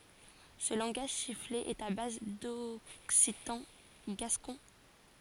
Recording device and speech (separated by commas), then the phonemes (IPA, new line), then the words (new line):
forehead accelerometer, read sentence
sə lɑ̃ɡaʒ sifle ɛt a baz dɔksitɑ̃ ɡaskɔ̃
Ce langage sifflé est à base d'occitan gascon.